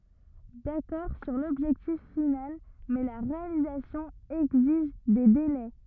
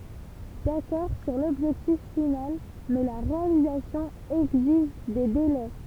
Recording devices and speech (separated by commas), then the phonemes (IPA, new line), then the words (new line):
rigid in-ear microphone, temple vibration pickup, read sentence
dakɔʁ syʁ lɔbʒɛktif final mɛ la ʁealizasjɔ̃ ɛɡziʒ de delɛ
D'accord sur l'objectif final, mais la réalisation exige des délais.